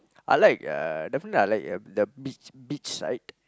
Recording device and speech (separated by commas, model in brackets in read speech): close-talking microphone, conversation in the same room